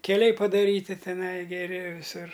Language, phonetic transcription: Lithuanian, keˈliai padaˈryti teˈnai geˈri viˈsur

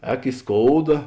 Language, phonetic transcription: Lithuanian, ˈēk i ˈskouda

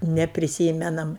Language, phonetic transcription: Lithuanian, nepriˈsymenam

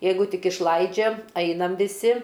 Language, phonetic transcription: Lithuanian, ˈjeigu ˈtik išˈlaidžia ˈainam viˈsi

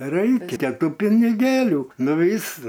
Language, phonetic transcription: Lithuanian, ˈraikia ˈtų piniˈgėlių ˈnu ˈvys

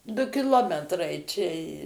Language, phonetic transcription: Lithuanian, ˈdu kiˈlometrai čia

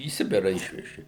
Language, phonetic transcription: Lithuanian, į ˈsibirą ˈišveži

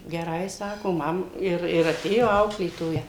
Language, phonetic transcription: Lithuanian, geˈrai ˈsako ˈmam ˈir ir aˈtėjo ˈauklėtoja

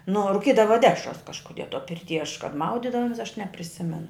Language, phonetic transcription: Lithuanian, nu o ruˈkydava ˈdešras kažkuˈdie to pirˈty aš kad ˈmaudidavomes aš nepriˈsimenu

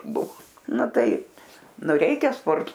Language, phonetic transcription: Lithuanian, ˈbuvo ˈnu ˈtaip ˈnu ˈreikia ˈsporto

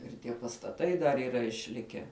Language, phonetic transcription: Lithuanian, ir ˈtie pastaˈtai dar yˈra išˈlikę

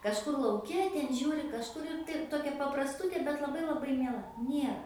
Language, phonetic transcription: Lithuanian, kažˈkur lauˈke ten ˈžiūri kažˈkur ir tai ˈtokia paprasˈtutė bet laˈbai laˈbai mieˈla ˈniera

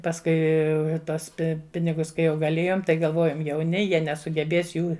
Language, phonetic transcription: Lithuanian, pasˈkui ˈtuos ˈpinigus kai ˈjau gaˈlėjom tai galˈvojom jauˈni ˈjie nesugeˈbės ˈjų

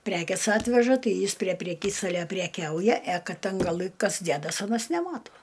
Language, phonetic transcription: Lithuanian, ˈprekės ˈatveža ˈtai ˈjis prie preˈkystalia preˈkiauja e ˈkad ˈten gaˈlɨ ˈkas ˈdedas ˈanas neˈmatuo

